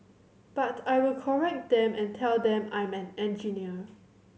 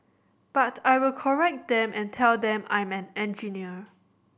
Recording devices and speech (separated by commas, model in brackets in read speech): mobile phone (Samsung C7100), boundary microphone (BM630), read sentence